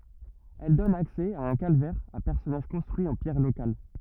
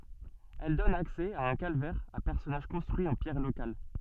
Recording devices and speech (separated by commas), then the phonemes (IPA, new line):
rigid in-ear microphone, soft in-ear microphone, read sentence
ɛl dɔn aksɛ a œ̃ kalvɛʁ a pɛʁsɔnaʒ kɔ̃stʁyi ɑ̃ pjɛʁ lokal